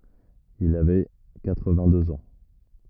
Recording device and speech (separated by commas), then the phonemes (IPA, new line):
rigid in-ear microphone, read sentence
il avɛ katʁvɛ̃tdøz ɑ̃